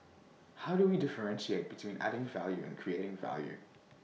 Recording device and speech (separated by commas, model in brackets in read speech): mobile phone (iPhone 6), read sentence